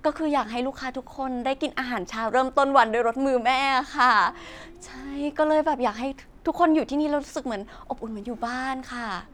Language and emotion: Thai, happy